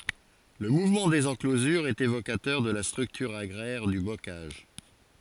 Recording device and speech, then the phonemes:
forehead accelerometer, read sentence
lə muvmɑ̃ dez ɑ̃klozyʁz ɛt evokatœʁ də la stʁyktyʁ aɡʁɛʁ dy bokaʒ

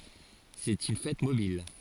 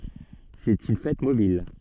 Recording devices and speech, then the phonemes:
forehead accelerometer, soft in-ear microphone, read sentence
sɛt yn fɛt mobil

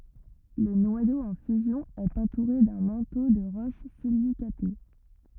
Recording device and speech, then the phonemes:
rigid in-ear microphone, read sentence
lə nwajo ɑ̃ fyzjɔ̃ ɛt ɑ̃tuʁe dœ̃ mɑ̃to də ʁoʃ silikate

